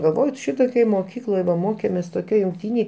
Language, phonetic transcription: Lithuanian, galˈvoj ˈšitokioj moˈkykloj da ˈmokėmės toˈkioj jungˈtynėj

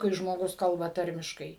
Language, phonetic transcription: Lithuanian, kai žmoˈgus ˈkalba ˈtarmiškai

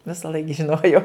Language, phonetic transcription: Lithuanian, visaˈlaik žiˈnojau

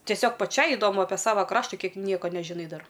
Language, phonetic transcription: Lithuanian, tieˈsiog paˈčiai idoˈmu apie ˈsava ˈkrašta ˈkiek ˈnieka nežiˈnai ˈdar

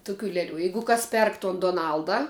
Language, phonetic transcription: Lithuanian, ˈtuˌkių ˈleˌlių ˈjeigu ˈkas ˈperk ton doˈnalda

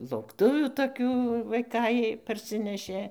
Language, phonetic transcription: Lithuanian, laukˈtuvių toˈkių vaiˈkai parˈsinešė

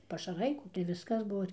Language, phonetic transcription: Lithuanian, pašaˈrai kų tai ˈviskas ˈbuo

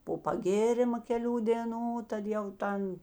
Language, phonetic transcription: Lithuanian, po paˈgėrima keˈlių dėˈnų ˈtad jau ˈtan

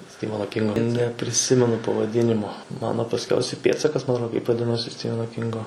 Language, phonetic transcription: Lithuanian, ˈstivano ˈkingo nepriˈsimenu pavaˈdinimo ˈmano pasˈkiausia ˈpėdsakas ma atˈro kaip vaˈdinosi ˈstiveno ˈkingo

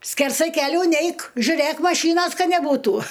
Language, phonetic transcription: Lithuanian, skerˈsai keˈlių ˈneik žiuˈrėk maˈšynos ˈka neˈbūtu

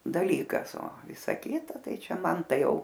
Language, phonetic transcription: Lithuanian, daˈlykas o ˈvisa ˈkita ˈtai ˈčia ˈman ˈtai ˈjau

